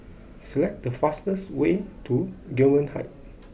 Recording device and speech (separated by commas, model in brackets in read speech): boundary microphone (BM630), read sentence